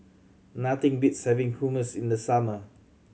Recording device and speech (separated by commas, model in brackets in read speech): mobile phone (Samsung C7100), read sentence